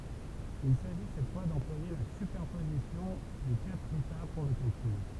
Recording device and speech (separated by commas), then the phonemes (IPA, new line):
temple vibration pickup, read sentence
il saʒi sɛt fwa dɑ̃plwaje la sypɛʁpozisjɔ̃ de katʁ eta puʁ lə kalkyl